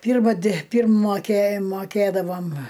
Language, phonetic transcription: Lithuanian, ˈpyrma di ˈpyrm moˈkė moˈkėdavom

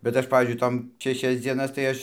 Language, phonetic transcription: Lithuanian, bet ˈaš ˈpavyzdžiui ˈtom šeˈšias dzieˈnas tai ˈaš

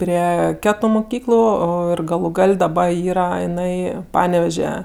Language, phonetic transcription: Lithuanian, ˈprie ˈketu muˈkyklu ˈo ir galu ˈgal' daˈba ˈyra iˈnai ˈpaneveže

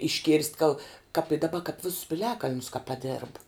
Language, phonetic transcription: Lithuanian, išˈkėrst' gal kap i daˈba kap ˈvisus piˈliakalnius ka paˈdėrb

